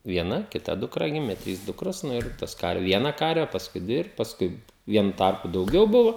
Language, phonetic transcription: Lithuanian, vieˈna kiˈta duˈkra ˈgimė ˈtrys ˈdukros ir ˈtas kar ˈviena ˈkarve pasˈkui ˈdvi ir pasˈkui ˈvienu ˈtarpu dauˈgiau ˈbuvo

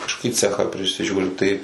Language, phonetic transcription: Lithuanian, kažkoˈkį ˈcechą prisiˈžiūri tai

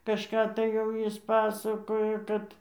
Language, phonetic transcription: Lithuanian, kažˈką tai jau ˈjis ˈpasakojo ˈkad

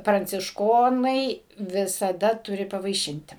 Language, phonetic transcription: Lithuanian, prancišˈkonai visaˈda ˈturi pavaiˈšinti

